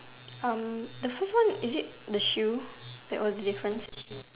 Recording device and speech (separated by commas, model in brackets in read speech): telephone, conversation in separate rooms